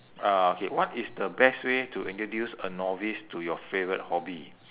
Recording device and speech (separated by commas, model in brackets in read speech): telephone, conversation in separate rooms